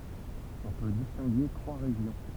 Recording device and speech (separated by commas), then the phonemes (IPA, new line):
temple vibration pickup, read sentence
ɔ̃ pø distɛ̃ɡe tʁwa ʁeʒjɔ̃